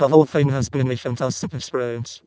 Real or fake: fake